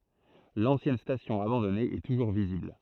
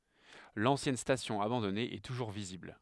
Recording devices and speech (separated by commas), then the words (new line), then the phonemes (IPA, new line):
throat microphone, headset microphone, read sentence
L'ancienne station abandonnée est toujours visible.
lɑ̃sjɛn stasjɔ̃ abɑ̃dɔne ɛ tuʒuʁ vizibl